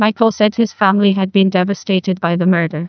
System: TTS, neural waveform model